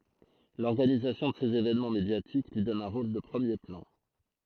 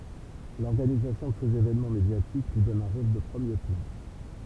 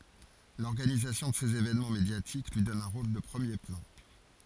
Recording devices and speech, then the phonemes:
throat microphone, temple vibration pickup, forehead accelerometer, read sentence
lɔʁɡanizasjɔ̃ də sez evɛnmɑ̃ medjatik lyi dɔn œ̃ ʁol də pʁəmje plɑ̃

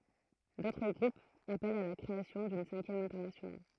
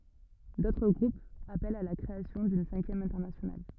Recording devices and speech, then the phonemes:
throat microphone, rigid in-ear microphone, read sentence
dotʁ ɡʁupz apɛlt a la kʁeasjɔ̃ dyn sɛ̃kjɛm ɛ̃tɛʁnasjonal

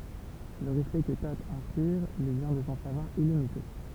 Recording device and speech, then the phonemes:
temple vibration pickup, read sentence
lə ʁɛspɛkt kə to ɛ̃spiʁ lyi vjɛ̃ də sɔ̃ savwaʁ ilimite

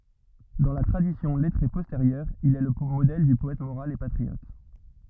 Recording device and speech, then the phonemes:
rigid in-ear microphone, read sentence
dɑ̃ la tʁadisjɔ̃ lɛtʁe pɔsteʁjœʁ il ɛ lə modɛl dy pɔɛt moʁal e patʁiɔt

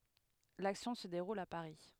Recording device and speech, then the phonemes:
headset microphone, read sentence
laksjɔ̃ sə deʁul a paʁi

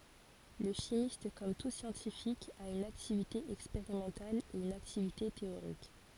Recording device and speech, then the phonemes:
forehead accelerometer, read sentence
lə ʃimist kɔm tu sjɑ̃tifik a yn aktivite ɛkspeʁimɑ̃tal e yn aktivite teoʁik

